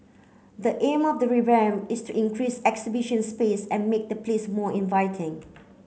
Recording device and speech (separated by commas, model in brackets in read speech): mobile phone (Samsung C9), read sentence